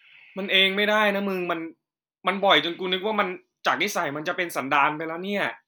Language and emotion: Thai, frustrated